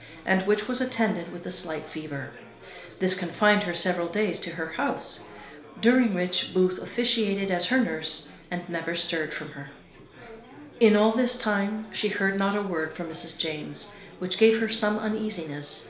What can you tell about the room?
A small space.